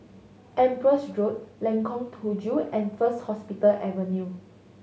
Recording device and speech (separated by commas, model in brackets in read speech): mobile phone (Samsung S8), read sentence